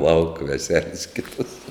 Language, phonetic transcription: Lithuanian, lauk veˈseles ˈkitas

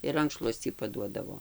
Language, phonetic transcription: Lithuanian, ir ˈrankšluoscį paˈduodavo

